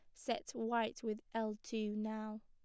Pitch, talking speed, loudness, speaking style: 220 Hz, 160 wpm, -41 LUFS, plain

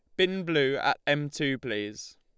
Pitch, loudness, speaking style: 140 Hz, -28 LUFS, Lombard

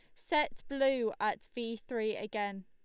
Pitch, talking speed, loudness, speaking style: 230 Hz, 150 wpm, -35 LUFS, Lombard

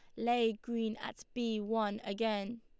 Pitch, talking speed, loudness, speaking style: 225 Hz, 150 wpm, -36 LUFS, Lombard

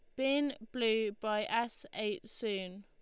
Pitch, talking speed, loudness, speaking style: 220 Hz, 135 wpm, -35 LUFS, Lombard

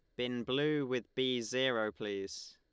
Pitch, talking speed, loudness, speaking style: 125 Hz, 155 wpm, -35 LUFS, Lombard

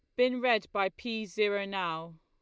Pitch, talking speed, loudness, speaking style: 205 Hz, 180 wpm, -31 LUFS, Lombard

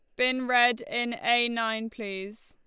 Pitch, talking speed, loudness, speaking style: 235 Hz, 160 wpm, -26 LUFS, Lombard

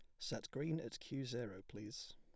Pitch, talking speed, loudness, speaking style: 120 Hz, 185 wpm, -46 LUFS, plain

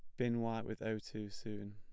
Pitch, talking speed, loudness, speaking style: 110 Hz, 235 wpm, -41 LUFS, plain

